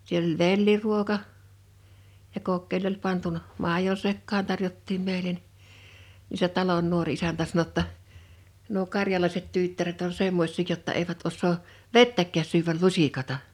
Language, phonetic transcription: Finnish, siel ‿oĺ "velliruoka , ja 'kokkeĺ ‿oĺ pantun(a) , "màijo sekkaaɴ 'tarjottiim 'meḙlen , ni se 'talon 'nuor isäntä sano ‿[jo]tta , » nuo 'karjalaiset 'tyttäret on 'semmoś̀ii jotta eivät os̆soo , "vettäkkääs syväl "lusikata « .
- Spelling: siellä oli velliruoka ja kokkeli oli pantu maidon sekaan tarjottiin meille niin se talon nuori isäntä sanoi jotta nuo karjalaiset tyttäret on semmoisia jotta eivät osaa vettäkään syödä lusikatta

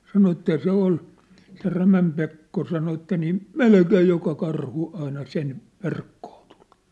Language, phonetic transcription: Finnish, sano että 'se ‿ol , se 'Rämäm Pekko sano et̆tä niim̳ , "melkeej 'joka 'karhu aina 'sen , 'verkkᴏᴏ tᴜʟ .
- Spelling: sanoi että se oli se Rämän Pekko sanoi että niin melkein joka karhu aina sen verkkoon tuli

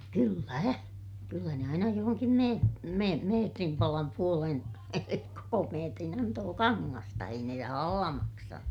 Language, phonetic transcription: Finnish, kyllä , kyllä ne aina johoŋkim me- , me- , meetrim palam puolen , koko meetrin antoo kaŋŋasta - ei ne rahalla maksanu .
- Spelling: kyllä kyllä ne aina johonkin - - metrin palan puolen koko metrin antoi kangasta ei ne rahalla maksanut

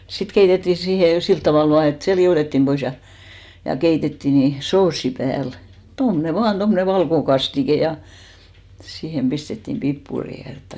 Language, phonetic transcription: Finnish, 'sit 'keitettì siihe 'silt tavàl 'vaa et se 'li₍òtettim 'ʙois ja , ja 'keitettì ni , 'soossi pääl , 'tomne "vaan 'tommᵒne "valkokastike ja , siihem 'pistettim "pippuri ja 'jotta .
- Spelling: sitten keitettiin siihen sillä tavalla vain että se liotettiin pois ja ja keitettiin niin soosi päälle tuommoinen vain tuommoinen valkokastike ja siihen pistettiin pippuria ja jotakin

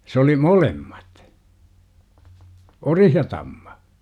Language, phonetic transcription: Finnish, s ‿oli "molemmat , "orih ja 'tamma .
- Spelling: se oli molemmat ori ja tamma

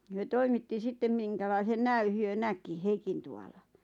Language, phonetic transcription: Finnish, hyö "toimitti 'sittem 'miŋkälaisen 'nä₍y hyö "näki "Heikintu₍ala .
- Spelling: he toimitti sitten minkälaisen näyn he näki Heikintuvalla

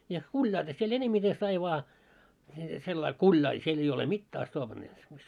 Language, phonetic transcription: Finnish, ja 'kuĺjailla siel 'enemmite sai vaa , sellail 'kuljail , siel ‿ei ole 'mittää (as'toopnaja) .
- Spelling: ja kuljailla siellä enemmiten sai vain sillä lailla kuljailla siellä ei ole mitään astoopnaja

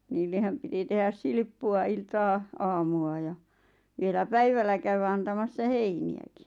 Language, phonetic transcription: Finnish, 'niillehäm piti tehäs 'silʿⁱʾppu₍a 'iltaa , aamu₍a ja , vielä "päivällä käywä antamassa "heini₍äkɪ .
- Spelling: niillehän piti tehdä silppua iltaa aamua ja vielä päivällä käydä antamassa heiniäkin

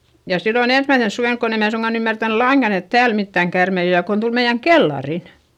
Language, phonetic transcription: Finnish, ja sillon ‿ensmäisens suvènk kon ‿em mää suŋGan ‿ymmärtän laiŋGan ‿et tääl mittäŋ kärmei o ja kon tul meiʲäŋ kellarin .
- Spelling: ja silloin ensimmäisenä suvena kun en minä suinkaan ymmärtänyt lainkaan että täällä mitään käärmeitä on ja kun tuli meidän kellariin

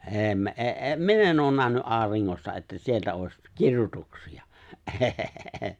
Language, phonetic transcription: Finnish, '’e̬e̬ me- '’ee '’e "min ‿e̬n ’oon 'nähny '’aariŋŋosta että 'sieltä òeś , 'kir(ju)tuksi₍a , '’ee- .
- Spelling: ei - ei - minä en ole nähnyt auringosta että sieltä olisi kirjoituksia ei

